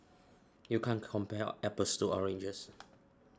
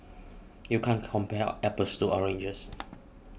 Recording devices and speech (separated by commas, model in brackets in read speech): standing microphone (AKG C214), boundary microphone (BM630), read sentence